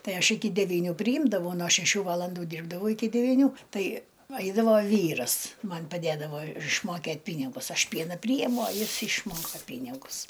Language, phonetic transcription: Lithuanian, ˈtai ˈaš ˈiki deˈvyniu priˈjimdavau no šeˈšių ˈvalandų ˈdyrbdavau iˈki devyˈnių ˈtai ˈaidavo ˈvyras ˈman' paˈdėdavo išmoˈkėt' ˈpynigus ˈaš ˈpiena ˈpryjemu o ˈjis išˈmoka ˈpynigus

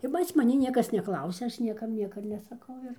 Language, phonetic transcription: Lithuanian, ir pas maˈni ˈniekas neˈklausia ˈaš ˈniekam ˈnieka nesaˈkau ir

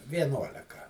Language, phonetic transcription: Lithuanian, vieˈnuoleka

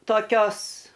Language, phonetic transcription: Lithuanian, toˈkios

